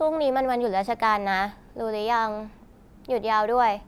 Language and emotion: Thai, neutral